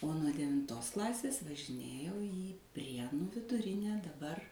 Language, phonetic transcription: Lithuanian, o nuo devinˈtos ˈklasės važiˈnėjau į ˈprienu viduˈrine daˈbar

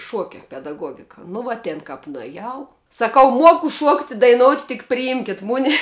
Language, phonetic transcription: Lithuanian, ˈšuokia pedaˈguogika nu ˈvuo ˈtėn kap nueˈjau saˈkau ˈmuoku ˈšuokt' i daiˈnout' tik priˈimkit ˈmune

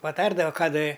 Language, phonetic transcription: Lithuanian, paˈtardava ˈką da

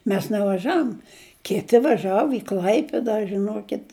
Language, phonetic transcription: Lithuanian, ˈmes nevaˈžaum ˈkiti vaˈžavu i ˈklaipida žiˈnuokit

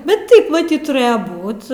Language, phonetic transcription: Lithuanian, ˈbet ˈtaip maˈtyt tuˈrɘja ˈbūt

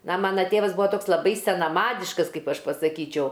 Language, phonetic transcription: Lithuanian, na ˈmana ˈtėvas ˈbuvo ˈtoks laˈbai senaˈmadiškas ˈkaip ˈaš pasaˈkyčiau

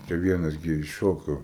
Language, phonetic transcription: Lithuanian, čia ˈvienas ˈgi išˈšoko

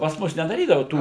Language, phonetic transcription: Lithuanian, pas ˈmus nedaˈrydava ˈtų

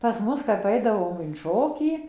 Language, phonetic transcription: Lithuanian, pas ˈmus kap ˈaidavom in ˈšokį

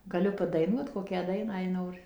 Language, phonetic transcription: Lithuanian, gaˈliu padaiˈnuot ˈkokią ˈdainą jei ˈnori

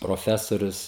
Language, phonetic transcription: Lithuanian, proˈfesorius

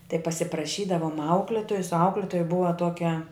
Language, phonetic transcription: Lithuanian, tai pasipraˈšydavum ˈaukletojus ˈauklitoja ˈbuva ˈtokia

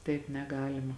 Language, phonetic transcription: Lithuanian, taip neˈgalima

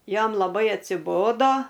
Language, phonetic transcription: Lithuanian, ˈjam laˈbai atsiˈbodo

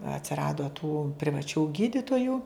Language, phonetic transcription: Lithuanian, atsiˈrado tų privaˈčių ˈgyditoju

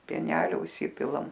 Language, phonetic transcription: Lithuanian, pieˈnelio užˈsipilam

